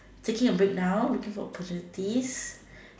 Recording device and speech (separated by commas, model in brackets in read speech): standing microphone, conversation in separate rooms